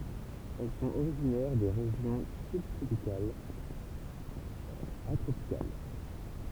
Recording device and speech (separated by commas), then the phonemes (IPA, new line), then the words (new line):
temple vibration pickup, read sentence
ɛl sɔ̃t oʁiʒinɛʁ de ʁeʒjɔ̃ sybtʁopikalz a tʁopikal
Elles sont originaires des régions sub-tropicales à tropicales.